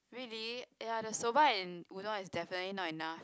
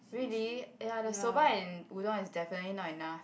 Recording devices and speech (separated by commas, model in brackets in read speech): close-talking microphone, boundary microphone, conversation in the same room